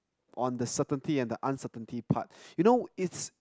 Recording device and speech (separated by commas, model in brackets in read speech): close-talking microphone, conversation in the same room